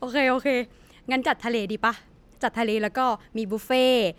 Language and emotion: Thai, happy